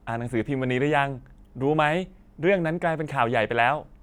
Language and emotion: Thai, happy